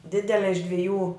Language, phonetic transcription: Lithuanian, ˈdidele iš dviˈjų

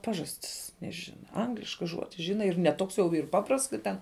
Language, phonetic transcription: Lithuanian, ˈpažastis neˈžina ˈangliška ˈžuodi ˈžina ir ne ˈtoks jau yr ˈpaprasts ka ˈten

